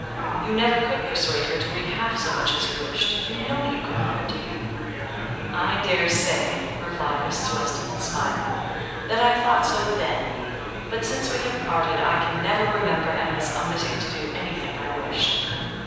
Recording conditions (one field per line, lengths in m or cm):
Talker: one person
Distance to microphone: 7.1 m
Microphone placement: far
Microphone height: 1.7 m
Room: very reverberant, large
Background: babble